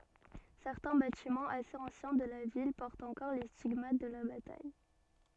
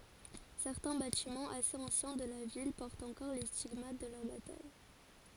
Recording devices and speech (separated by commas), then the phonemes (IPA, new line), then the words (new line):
soft in-ear microphone, forehead accelerometer, read sentence
sɛʁtɛ̃ batimɑ̃z asez ɑ̃sjɛ̃ də la vil pɔʁtt ɑ̃kɔʁ le stiɡmat də la bataj
Certains bâtiments assez anciens de la ville portent encore les stigmates de la bataille.